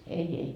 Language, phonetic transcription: Finnish, ei ei .
- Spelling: ei ei

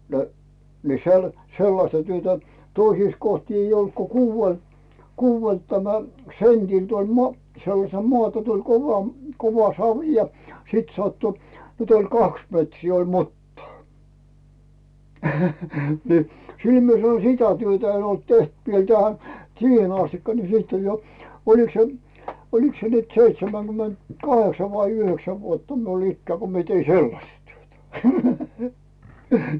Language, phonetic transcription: Finnish, nə , ni se ol , 'sellasta työtä , 'toisiis kohti eij ‿olt ko "kuuvel , "kuuvelt tämä , sentilD ‿oĺ mo- , 'sellasel moàta tuĺ 'kova , 'kova "savⁱ ja , 'sit 'sattu , 'nyt ‿oĺ 'kaks metrii oĺ "muttaa , ni , 'sil mie sano "sitä 'työtä en ‿olt teht viel tähä , 'siihen astikka ni siit oĺ jo , oliks se , 'oliks se nyt seitsemäŋGyment"kaheksa vai 'yhöksä vuotta miul ‿'ikkää ko mie tei "sellasta 'työtä .
- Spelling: no niin se oli sellaista työtä toisissa kohti ei ollut kun kuudella kuudelta tämä sentiltä oli - sellaisella maata tuli kova kova savi ja sitten sattui nyt oli kaksi metriä oli mutaa niin sillä minä sanoin sitä työtä en ollut tehnyt vielä tähän siihen asti niin sitten oli jo olikos se olikos se nyt seitsemänkymentäkahdeksan vai yhdeksän vuotta minulla ikää kun minä tein sellaista työtä

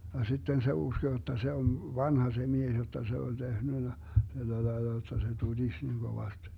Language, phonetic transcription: Finnish, ja 'sitten se 'usko jotta 'se on , "vanha se 'mies jotta 'se oĺ 'tehnynä , 'tällälaella jotta se 'tuDis niŋ 'Govast .
- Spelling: ja sitten se uskoi jotta se on vanha se mies jotta se oli tehnyt tällä lailla jotta se tutisi niin kovasti

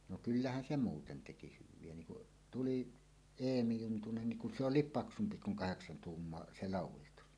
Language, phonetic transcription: Finnish, no "kyllähän 'se 'muuten teki hyv̆vie niŋ kuˀ , "tulì , "Eemi 'Juntunen niŋ kun se "ol̆liip "paksumpi 'kuŋ 'kaheksan 'tuummoa "se "làuw̆wistus .
- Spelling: no kyllähän se muuten teki hyviä niin kun tuli Eemi Juntunen niin kun se oli paksumpi kuin kahdeksan tuumaa se laudistus

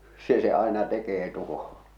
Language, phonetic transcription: Finnish, 'se se 'àḙna 'tekee 'tuho₍ᴀ .
- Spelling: se se aina tekee tuhoja

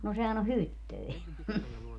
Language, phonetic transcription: Finnish, no sehän ‿o "hyttöi .
- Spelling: no sehän on hyttynen

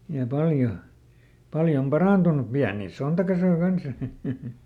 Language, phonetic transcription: Finnish, ja ˈpaljo , ˈpaljom ˈparàntun̆nu , ˈpiänì "sontakasoi ˈkans ʲᵃ .
- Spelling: ja paljon paljon parantunut pieniä sontakasoja kanssa ja

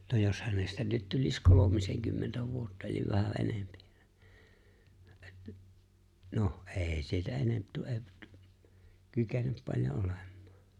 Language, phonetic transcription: Finnish, 'no jos hänestä nyt 'tul̜is 'kolomiseŋkymmentä 'vuotta eliv vähä '’enempɪ , 'noh , "’e̬e̬ⁱ sieltä 'enemp tu- , e- p- t- , 'kykenep paĺjo '’olᴇᴍ̆ᴍᴀᴀ .
- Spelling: no jos hänestä nyt tulisi kolmisenkymmentä vuotta eli vähän enempi no ei sieltä enemmän - - - - kykene paljon olemaan

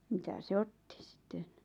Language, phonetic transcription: Finnish, 'mitä se "otti sⁱt̆ten ?
- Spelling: mitä se otti sitten

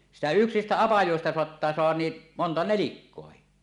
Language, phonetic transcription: Finnish, 'sitä "yksistä "apajòesta 'soattaa 'soahan nii , "monta "nelikkoahi .
- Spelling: sitä yksistä apajista saattaa saada niin monta nelikkoakin

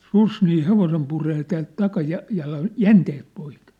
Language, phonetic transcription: Finnish, 'sus nii 'hevosem puree täält 'takaja- , -jalan , "jänteet poik .
- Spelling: susi niin hevosen puree täältä - takajalan jänteet poikki

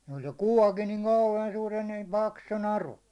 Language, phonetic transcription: Finnish, (siin) 'oĺ se "kuvakin niŋ "kàuheen 'suur ja niiᴍ "paksu se 'naru .
- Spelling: siinä oli se kuvakin niin kauhean suuri ja niin paksu se naru

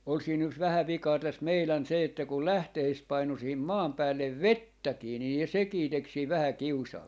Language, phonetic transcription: Finnish, ol siin yks 'vähä 'vikaa täs 'meilän se että kul "lähtehist 'painu siihim 'maam 'päällev "vettäkii nii 'sekii 'tek siiv 'vähä "kiusaa .
- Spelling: oli siinä yksi vähän vikaa tässä meidän se että kun lähteistä painui siihen maan päälle vettäkin niin sekin teki siinä vähän kiusaa

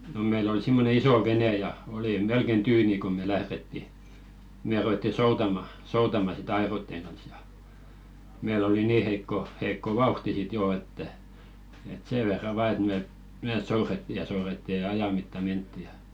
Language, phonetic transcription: Finnish, no 'meill ‿ol simmone "isò '(v)ene ja , oli 'melken "tyyni ko me 'lähretti , 'me ruwetti "soutama , 'soutama si"t ‿aḙroⁱtteŋ ɢans ja , 'meil ‿oli "nii heikko , heikko "vauhti sit 'joo että , et "see verra 'và et me , "mee 'souretti ja souretti ja "aja mitta 'mentti ja .
- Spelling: no meillä oli semmoinen iso vene ja oli melkein tyyni kun me lähdettiin me ruvettiin soutamaan soutamaan sitten airojen kanssa ja meillä oli niin heikko heikko vauhti sitten jo että että sen verran vain että me me soudettiin ja soudettiin ja ajan mittaan mentiin ja

